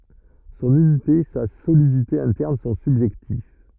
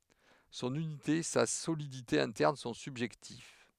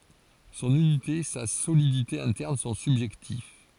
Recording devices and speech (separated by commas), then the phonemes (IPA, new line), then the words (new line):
rigid in-ear microphone, headset microphone, forehead accelerometer, read sentence
sɔ̃n ynite sa solidite ɛ̃tɛʁn sɔ̃ sybʒɛktiv
Son unité, sa solidité interne sont subjectives.